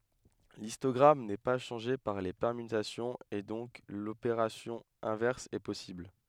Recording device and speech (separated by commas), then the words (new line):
headset microphone, read sentence
L'histogramme n'est pas changé par les permutations et donc l'opération inverse est possible.